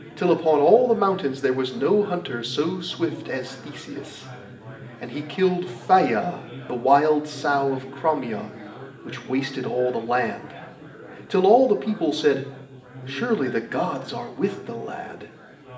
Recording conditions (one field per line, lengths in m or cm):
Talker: one person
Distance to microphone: 1.8 m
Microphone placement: close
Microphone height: 1.0 m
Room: large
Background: babble